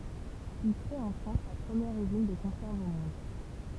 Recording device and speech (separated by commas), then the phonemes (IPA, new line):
temple vibration pickup, read sentence
il kʁe ɑ̃ fʁɑ̃s la pʁəmjɛʁ yzin də kɔ̃sɛʁvz o mɔ̃d